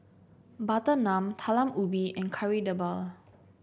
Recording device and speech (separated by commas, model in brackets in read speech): boundary microphone (BM630), read sentence